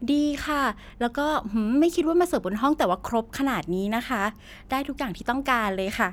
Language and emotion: Thai, happy